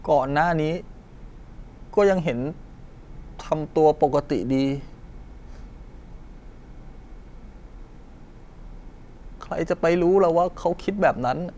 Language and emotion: Thai, sad